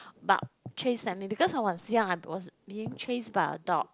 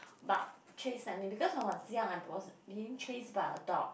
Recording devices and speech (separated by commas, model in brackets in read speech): close-talking microphone, boundary microphone, conversation in the same room